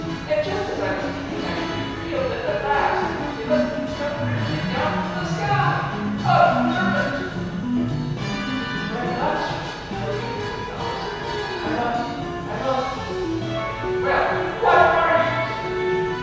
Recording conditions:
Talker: one person; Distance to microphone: 7.1 m; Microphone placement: far; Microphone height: 1.7 m; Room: very reverberant, large; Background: music

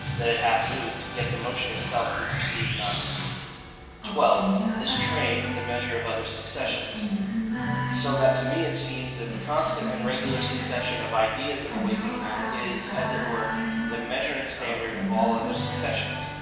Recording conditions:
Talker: one person; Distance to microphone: 1.7 m; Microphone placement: close; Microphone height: 1.0 m; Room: very reverberant, large; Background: music

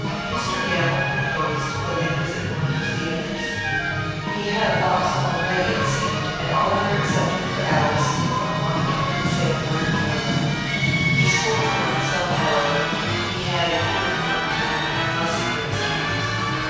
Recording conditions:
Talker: one person; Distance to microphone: 7.1 m; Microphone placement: far; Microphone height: 1.7 m; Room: very reverberant, large; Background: music

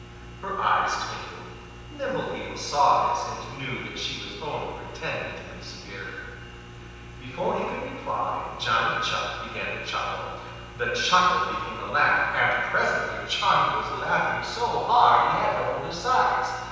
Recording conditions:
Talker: one person; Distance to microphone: 7.1 m; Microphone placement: far; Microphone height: 1.7 m; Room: very reverberant, large; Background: none

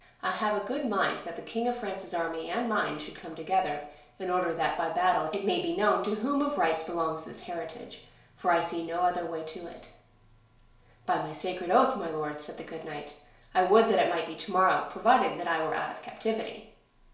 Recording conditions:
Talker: one person; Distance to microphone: 1.0 m; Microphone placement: close; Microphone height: 1.1 m; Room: small (3.7 m by 2.7 m); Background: none

